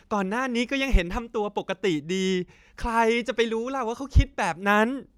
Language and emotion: Thai, frustrated